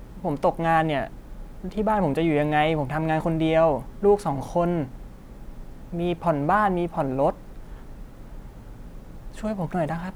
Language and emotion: Thai, frustrated